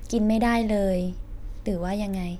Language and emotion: Thai, neutral